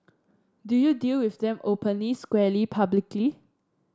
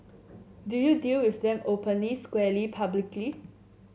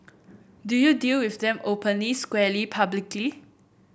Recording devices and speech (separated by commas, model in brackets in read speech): standing microphone (AKG C214), mobile phone (Samsung C7), boundary microphone (BM630), read sentence